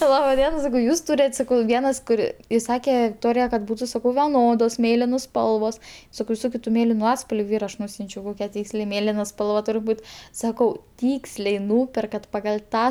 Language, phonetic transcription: Lithuanian, ˈlaba ˈdiena saˈkau ˈjūs ˈtūret' ˈsakau ˈvienas kuˈri iˈsake vikˈtorija kad ˈbūtu ˈsakau veˈnodos ˈmėlinos ˈspalvos ˈsakau viˈsokiu tu ˈmėlinu ˈatspalviu ˈyra aš ˈnūsiunčiau ˈkokia ˈtyksliai ˈmėlina ˈspalva ˈturi ˈbūt ˈsakau ˈtyksliai ˈnūperkat pagal' ˈtą

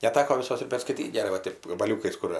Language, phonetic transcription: Lithuanian, neˈteko viˈsos ir perskaiˈtyt' geˈrai va ˈtėp gabaˈliūkais ˈkur

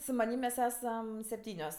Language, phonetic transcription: Lithuanian, su maˈnym mes ˈesam sepˈtynios

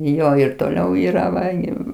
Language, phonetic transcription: Lithuanian, ˈjo ir toˈliau ˈyra ˈva gi

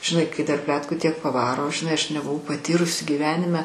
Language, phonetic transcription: Lithuanian, žiˈnai kai dar ˈpletkų ˈtiek paˈvaro žiˈnai ˈaš nebuˈvau paˈtyrusi gyˈvenime

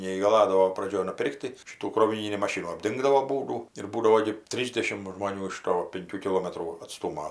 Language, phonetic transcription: Lithuanian, neįgaˈladavo praˈdžioj nuˈpir'k't' tai ˈšitų kroviˈnynį maˈšinų apˈdingdavo ˈbūdų ir ˈbūdavo gi ˈtrysdešimt žmoˈnių iš ˈto pinˈkių kiˈlometrų atˈstūmo

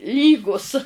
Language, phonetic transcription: Lithuanian, ˈlygūs

